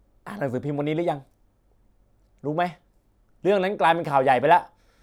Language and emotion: Thai, frustrated